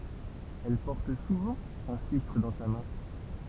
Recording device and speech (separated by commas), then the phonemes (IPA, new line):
temple vibration pickup, read sentence
ɛl pɔʁt suvɑ̃ œ̃ sistʁ dɑ̃ sa mɛ̃